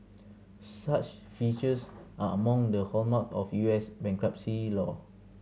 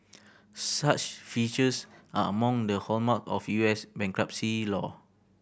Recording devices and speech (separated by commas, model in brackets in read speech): mobile phone (Samsung C7100), boundary microphone (BM630), read sentence